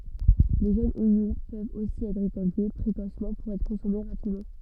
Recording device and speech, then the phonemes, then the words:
soft in-ear microphone, read sentence
le ʒønz oɲɔ̃ pøvt osi ɛtʁ ʁekɔlte pʁekosmɑ̃ puʁ ɛtʁ kɔ̃sɔme ʁapidmɑ̃
Les jeunes oignons peuvent aussi être récoltés précocement pour être consommés rapidement.

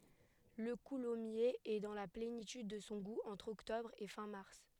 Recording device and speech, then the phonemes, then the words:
headset microphone, read sentence
lə kulɔmjez ɛ dɑ̃ la plenityd də sɔ̃ ɡu ɑ̃tʁ ɔktɔbʁ e fɛ̃ maʁs
Le coulommiers est dans la plénitude de son goût entre octobre et fin mars.

